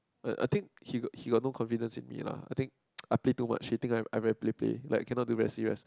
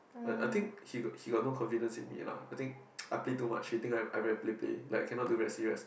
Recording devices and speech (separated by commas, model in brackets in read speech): close-talking microphone, boundary microphone, conversation in the same room